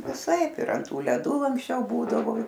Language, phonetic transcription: Lithuanian, viˈsaip ir ant ˈtų leˈdu anksˈčiau ˈbūdavo

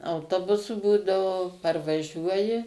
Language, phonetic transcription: Lithuanian, auˈtobusu ˈbūdavo parvaˈžiuoji

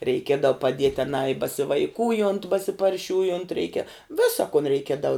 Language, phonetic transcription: Lithuanian, reiˈkiedau paˈdiet' aˈnā i basivaiˈkūjont basiparˈšiūjont ˈreikia ˈvisa kun reiˈkiedau

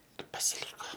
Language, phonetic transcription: Lithuanian, ir pasiˈlyko

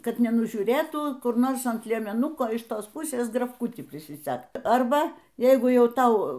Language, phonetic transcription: Lithuanian, ˈkad nenužiūˈrėtų ˈkur ˈnors ant liemeˈnuko iš ˈtos ˈpusės grafˈkutį prisiˈsegt ˈarba ˈjeigu ˈjau ˈtau

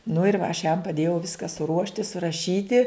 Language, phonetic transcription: Lithuanian, nu ir va aš jam paˈdėjau ˈviska suˈruošti suraˈšyti

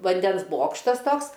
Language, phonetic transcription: Lithuanian, vanˈdens ˈbokštas ˈtoks

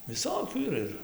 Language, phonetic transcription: Lithuanian, viˈsokių yˈra ˈir

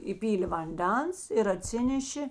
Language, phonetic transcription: Lithuanian, įˈpylė vanˈdens ir aˈtsinešė

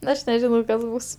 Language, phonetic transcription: Lithuanian, ˈaš neˈžinau ˈkas ˈbus

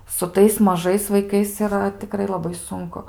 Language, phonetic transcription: Lithuanian, su ˈtais maˈžais vaiˈkais iˈra tiˈkrai laˈbai ˈsunku

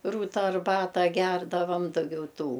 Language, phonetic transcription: Lithuanian, ˈrūta arˈbata ˈgerdavam daˈgiau ˈtų

